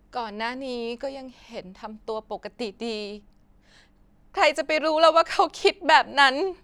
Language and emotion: Thai, sad